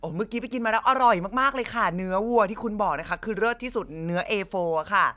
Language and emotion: Thai, happy